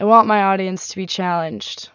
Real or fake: real